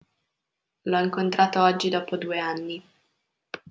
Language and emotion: Italian, neutral